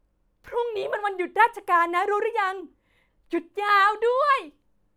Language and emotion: Thai, happy